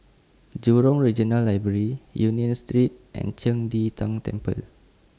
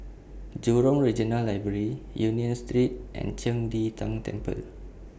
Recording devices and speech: standing microphone (AKG C214), boundary microphone (BM630), read sentence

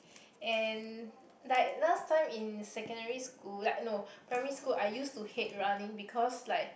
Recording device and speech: boundary microphone, conversation in the same room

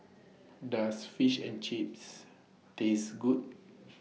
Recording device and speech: mobile phone (iPhone 6), read sentence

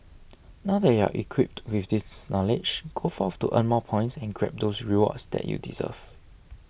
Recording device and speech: boundary microphone (BM630), read sentence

